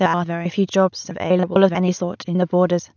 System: TTS, waveform concatenation